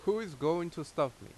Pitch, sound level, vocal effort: 160 Hz, 88 dB SPL, loud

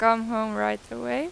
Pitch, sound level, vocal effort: 220 Hz, 90 dB SPL, normal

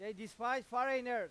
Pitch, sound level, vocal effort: 245 Hz, 104 dB SPL, very loud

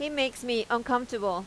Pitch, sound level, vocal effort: 240 Hz, 89 dB SPL, loud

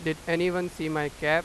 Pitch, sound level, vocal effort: 160 Hz, 95 dB SPL, loud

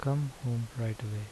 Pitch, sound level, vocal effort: 115 Hz, 75 dB SPL, soft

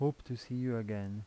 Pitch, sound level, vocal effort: 120 Hz, 81 dB SPL, soft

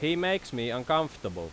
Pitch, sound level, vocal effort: 150 Hz, 92 dB SPL, very loud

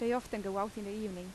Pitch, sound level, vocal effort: 210 Hz, 84 dB SPL, normal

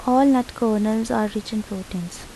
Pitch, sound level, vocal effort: 215 Hz, 78 dB SPL, soft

